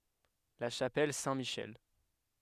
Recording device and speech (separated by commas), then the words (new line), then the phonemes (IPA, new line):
headset microphone, read sentence
La chapelle Saint-Michel.
la ʃapɛl sɛ̃tmiʃɛl